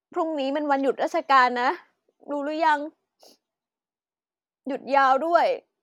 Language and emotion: Thai, sad